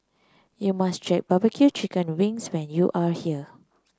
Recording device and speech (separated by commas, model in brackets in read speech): close-talking microphone (WH30), read sentence